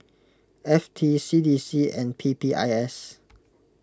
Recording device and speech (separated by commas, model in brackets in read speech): close-talking microphone (WH20), read sentence